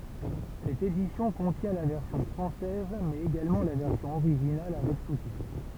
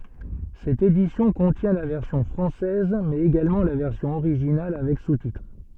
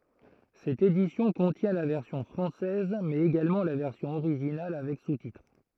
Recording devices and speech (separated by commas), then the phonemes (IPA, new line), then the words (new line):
temple vibration pickup, soft in-ear microphone, throat microphone, read sentence
sɛt edisjɔ̃ kɔ̃tjɛ̃ la vɛʁsjɔ̃ fʁɑ̃sɛz mɛz eɡalmɑ̃ la vɛʁsjɔ̃ oʁiʒinal avɛk sutitʁ
Cette édition contient la version française mais également la version originale avec sous-titres.